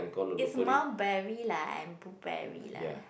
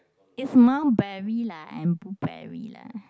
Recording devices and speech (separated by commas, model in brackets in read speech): boundary microphone, close-talking microphone, conversation in the same room